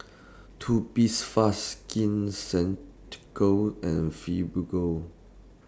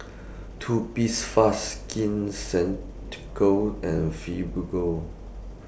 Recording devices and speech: standing microphone (AKG C214), boundary microphone (BM630), read sentence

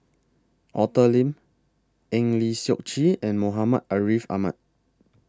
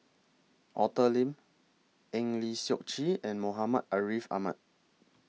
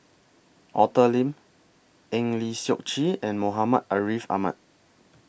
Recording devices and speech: close-talking microphone (WH20), mobile phone (iPhone 6), boundary microphone (BM630), read sentence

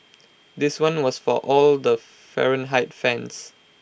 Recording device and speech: boundary microphone (BM630), read sentence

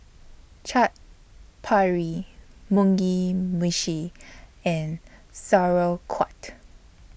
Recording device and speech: boundary microphone (BM630), read sentence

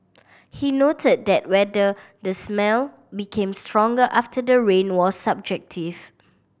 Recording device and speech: boundary microphone (BM630), read sentence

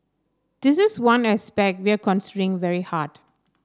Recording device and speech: standing microphone (AKG C214), read sentence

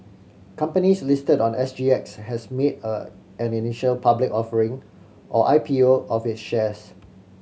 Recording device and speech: mobile phone (Samsung C7100), read sentence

